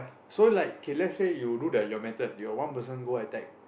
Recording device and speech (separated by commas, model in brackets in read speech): boundary microphone, conversation in the same room